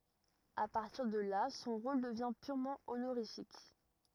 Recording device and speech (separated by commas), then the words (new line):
rigid in-ear microphone, read sentence
À partir de là, son rôle devient purement honorifique.